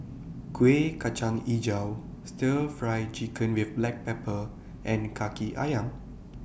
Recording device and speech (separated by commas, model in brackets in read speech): boundary microphone (BM630), read sentence